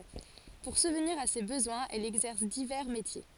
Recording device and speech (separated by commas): forehead accelerometer, read sentence